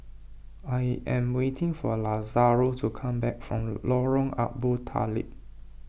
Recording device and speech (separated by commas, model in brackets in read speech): boundary microphone (BM630), read sentence